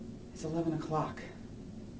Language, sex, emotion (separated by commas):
English, male, neutral